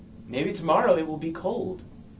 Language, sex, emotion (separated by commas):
English, male, neutral